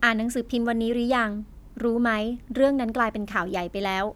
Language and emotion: Thai, neutral